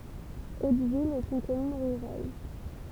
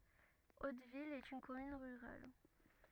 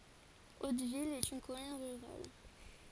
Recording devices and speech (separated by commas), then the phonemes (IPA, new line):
temple vibration pickup, rigid in-ear microphone, forehead accelerometer, read sentence
otvil ɛt yn kɔmyn ʁyʁal